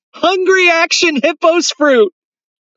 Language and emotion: English, happy